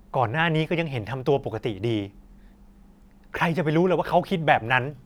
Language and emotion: Thai, frustrated